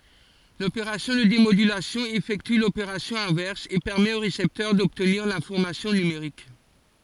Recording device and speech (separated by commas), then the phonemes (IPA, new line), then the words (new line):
forehead accelerometer, read sentence
lopeʁasjɔ̃ də demodylasjɔ̃ efɛkty lopeʁasjɔ̃ ɛ̃vɛʁs e pɛʁmɛt o ʁesɛptœʁ dɔbtniʁ lɛ̃fɔʁmasjɔ̃ nymeʁik
L’opération de démodulation effectue l’opération inverse et permet au récepteur d’obtenir l’information numérique.